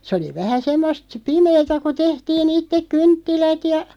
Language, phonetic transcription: Finnish, sᵉ oli 'vähä 'semmost , "pimeetä ku 'tehtii'n ‿ittek "kynttilät ja ,.
- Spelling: se oli vähän semmoista pimeää kun tehtiin itse kynttilät ja

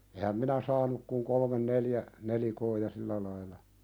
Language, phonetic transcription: Finnish, 'ehäm minä "saanuk kuŋ "kolmen 'neljä , 'nelikoo ja "sillä laila .
- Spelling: enhän minä saanut kuin kolme neljä nelikkoa ja sillä lailla

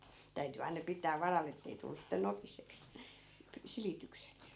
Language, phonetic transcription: Finnish, 'täyty aina 'pit̆tää "varal̆l ‿ettei tullus̆ sitte 'nokiseks , 'silitykset .
- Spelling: täytyi aina pitää varalla että ei tullut sitten nokiseksi silitykset

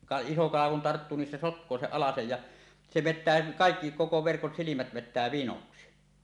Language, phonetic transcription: Finnish, ka- iso kala kun "tarttuu nin se "sotk̀oo 'seˀ 'ˀalasej ja , se "vettää 'kàekki , 'koko 'verkon 'silimät vet̆tää "vinoksi .
- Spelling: - iso kala kun tarttuu niin se sotkee sen alasen ja se vetää kaikki koko verkon silmät vetää vinoksi

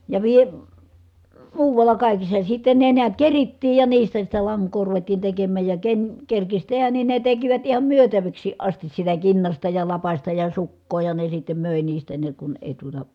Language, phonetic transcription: Finnish, ja vie- , muuvalla kàikissa , sitte ne niät kerittiij ja niistä sit̀ɛ laŋk̀oo ruvettiin tekemmä̀j ja ken , kerkis tehän nin ne tekivät iham myötäviks̀iiʼ ʼastis sitä kinnasta ja lapasta ja sukkoo ja ne sittem mö̀e niistä ne kun èi tuota ,.
- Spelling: ja - muualla kaikissa sitten ne näet kerittiin ja niistä sitten lankaa ruvettiin tekemään ja ken kerkisi tehdä niin ne tekivät ihan myytäviksikin asti sitä kinnasta ja lapasta ja sukkaa ja ne sitten möi niistä ne kun ei tuota

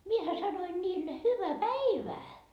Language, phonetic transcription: Finnish, miehä 'sanoi 'niille » 'hyvä "päivää » .
- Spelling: minähän sanoin niille hyvää päivää

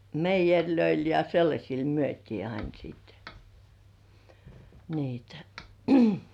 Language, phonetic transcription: Finnish, meijeŕlöil ja 'sellaśil myöt́ii ain siit , niitᴀ̈ .
- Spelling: meijereille ja sellaisille myytiin aina sitten niitä

